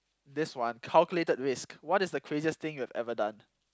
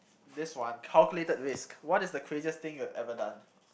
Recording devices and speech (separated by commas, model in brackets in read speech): close-talking microphone, boundary microphone, conversation in the same room